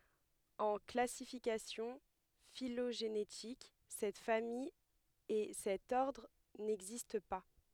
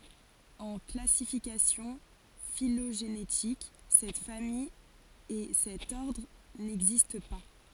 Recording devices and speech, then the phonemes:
headset microphone, forehead accelerometer, read sentence
ɑ̃ klasifikasjɔ̃ filoʒenetik sɛt famij e sɛt ɔʁdʁ nɛɡzist pa

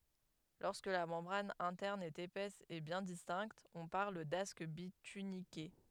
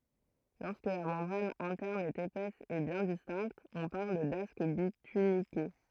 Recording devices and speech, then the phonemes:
headset microphone, throat microphone, read sentence
lɔʁskə la mɑ̃bʁan ɛ̃tɛʁn ɛt epɛs e bjɛ̃ distɛ̃kt ɔ̃ paʁl dask bitynike

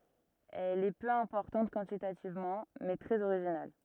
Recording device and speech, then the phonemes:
rigid in-ear microphone, read sentence
ɛl ɛ pø ɛ̃pɔʁtɑ̃t kwɑ̃titativmɑ̃ mɛ tʁɛz oʁiʒinal

